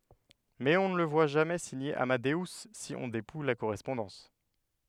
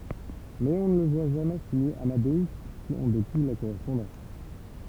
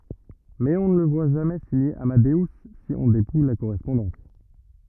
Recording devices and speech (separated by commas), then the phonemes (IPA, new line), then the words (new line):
headset microphone, temple vibration pickup, rigid in-ear microphone, read sentence
mɛz ɔ̃ nə lə vwa ʒamɛ siɲe amadø si ɔ̃ depuj la koʁɛspɔ̃dɑ̃s
Mais on ne le voit jamais signer Amadeus si on dépouille la correspondance.